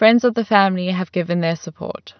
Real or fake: real